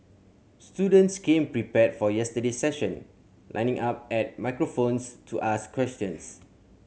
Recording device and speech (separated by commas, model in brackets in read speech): mobile phone (Samsung C7100), read sentence